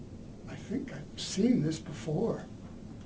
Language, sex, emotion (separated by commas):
English, male, fearful